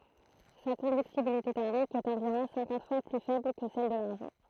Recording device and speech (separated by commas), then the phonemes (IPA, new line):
throat microphone, read sentence
sa kɔ̃dyktibilite tɛʁmik ɛt ɑ̃viʁɔ̃ sɛ̃kɑ̃t fwa ply fɛbl kə sɛl də laʁʒɑ̃